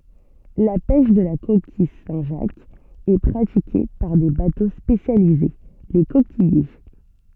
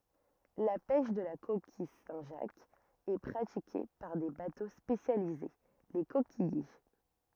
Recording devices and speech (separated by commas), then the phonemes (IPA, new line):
soft in-ear microphone, rigid in-ear microphone, read sentence
la pɛʃ də la kokij sɛ̃tʒakz ɛ pʁatike paʁ de bato spesjalize le kokijje